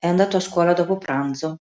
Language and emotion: Italian, neutral